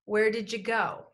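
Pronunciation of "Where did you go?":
In 'Where did you go?', 'you' is reduced and sounds like 'ya', so it is heard as 'where did ya go'.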